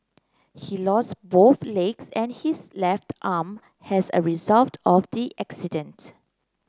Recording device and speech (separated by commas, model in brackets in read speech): close-talking microphone (WH30), read sentence